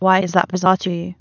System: TTS, waveform concatenation